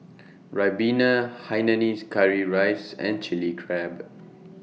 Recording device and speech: mobile phone (iPhone 6), read sentence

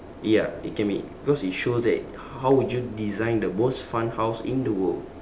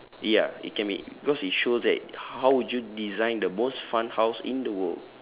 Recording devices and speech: standing microphone, telephone, conversation in separate rooms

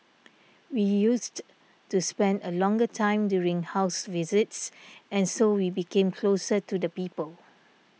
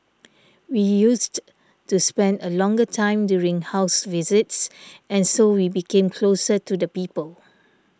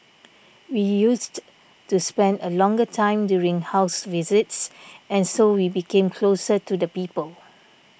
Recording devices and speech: mobile phone (iPhone 6), standing microphone (AKG C214), boundary microphone (BM630), read sentence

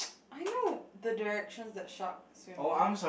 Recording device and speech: boundary microphone, conversation in the same room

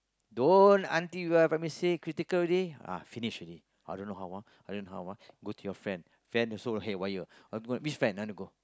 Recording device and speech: close-talking microphone, conversation in the same room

